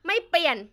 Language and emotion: Thai, angry